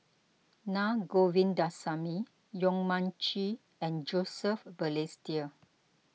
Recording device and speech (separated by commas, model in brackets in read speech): mobile phone (iPhone 6), read sentence